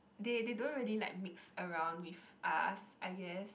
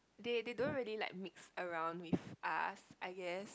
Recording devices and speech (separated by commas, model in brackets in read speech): boundary microphone, close-talking microphone, conversation in the same room